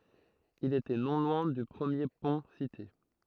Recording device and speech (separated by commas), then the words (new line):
throat microphone, read sentence
Il était non loin du premier pont cité.